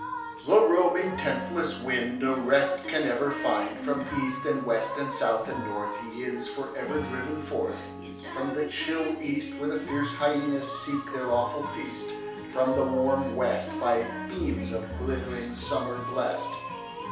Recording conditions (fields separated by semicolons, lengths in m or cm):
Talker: one person; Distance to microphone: 3.0 m; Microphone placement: far; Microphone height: 1.8 m; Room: small (3.7 m by 2.7 m); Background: music